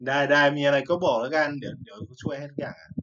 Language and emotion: Thai, neutral